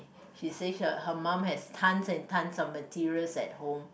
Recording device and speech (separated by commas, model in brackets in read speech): boundary microphone, conversation in the same room